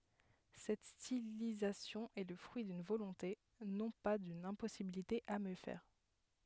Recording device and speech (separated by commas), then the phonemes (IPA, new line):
headset microphone, read sentence
sɛt stilizasjɔ̃ ɛ lə fʁyi dyn volɔ̃te nɔ̃ pa dyn ɛ̃pɔsibilite a mjø fɛʁ